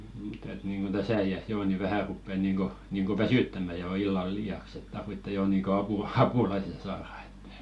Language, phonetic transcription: Finnish, mutta et niiŋɢon "ᴅäsä i₍äs 'joo ni 'vähä̀ ruppe niiŋɢo , niiŋɢo "väsỳttäm̆mä jo 'illal jaks ‿et 'tarvitte jo niiŋko 'apu- "ʰapulaisen saara ᴇttᴀ̈ .
- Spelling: mutta että niin kuin tässä iässä jo niin vähän rupeaa niin kuin niin kuin väsyttämään jo illalla jaksa että tarvitsee jo niin kuin - apulaisen saada että

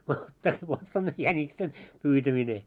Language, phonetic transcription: Finnish, no , 'täs vot s ‿on 'jäńiksen , 'pyytämine .
- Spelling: no tässä vot se on jäniksen pyytäminen

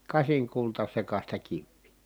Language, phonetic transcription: Finnish, kasiŋkultasekasta kivvii .
- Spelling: kasinkultasekaista kiveä

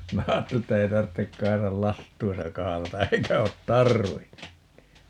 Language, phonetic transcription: Finnish, 'minä 'aatteli että 'ei tarttek 'Kaisal "last̀uisa 'kahalata 'eikä ot "tar̀vin(nun nii) .
- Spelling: minä ajattelin että ei tarvitse Kaisan lastuissa kahlata eikä ole tarvinnut -

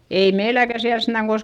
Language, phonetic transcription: Finnish, ei meiläkä siäl sentä
- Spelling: ei meilläkään siellä sentään

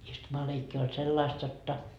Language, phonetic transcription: Finnish, 'istumaleikki oĺ 'sellaist jotta ,.
- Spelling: istumaleikki oli sellaista jotta

